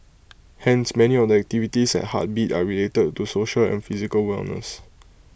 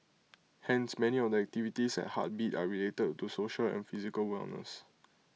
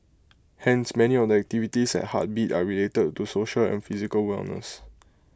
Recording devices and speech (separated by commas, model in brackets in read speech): boundary microphone (BM630), mobile phone (iPhone 6), close-talking microphone (WH20), read sentence